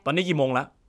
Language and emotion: Thai, frustrated